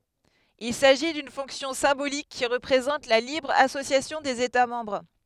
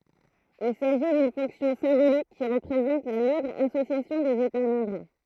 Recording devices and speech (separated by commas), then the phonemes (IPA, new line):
headset microphone, throat microphone, read sentence
il saʒi dyn fɔ̃ksjɔ̃ sɛ̃bolik ki ʁəpʁezɑ̃t la libʁ asosjasjɔ̃ dez eta mɑ̃bʁ